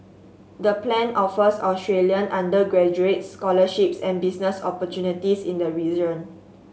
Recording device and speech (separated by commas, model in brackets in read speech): mobile phone (Samsung S8), read sentence